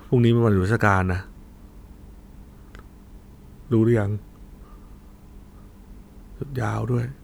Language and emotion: Thai, sad